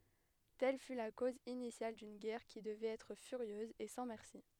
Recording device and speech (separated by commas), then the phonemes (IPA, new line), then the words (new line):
headset microphone, read sentence
tɛl fy la koz inisjal dyn ɡɛʁ ki dəvɛt ɛtʁ fyʁjøz e sɑ̃ mɛʁsi
Telle fut la cause initiale d'une guerre qui devait être furieuse et sans merci.